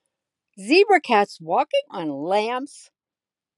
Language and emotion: English, disgusted